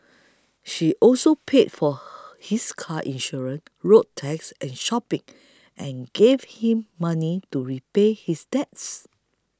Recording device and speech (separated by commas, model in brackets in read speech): close-talking microphone (WH20), read sentence